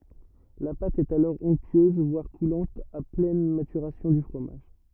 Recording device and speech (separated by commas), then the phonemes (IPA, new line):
rigid in-ear microphone, read sentence
la pat ɛt alɔʁ ɔ̃ktyøz vwaʁ kulɑ̃t a plɛn matyʁasjɔ̃ dy fʁomaʒ